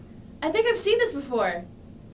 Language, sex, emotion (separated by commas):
English, female, happy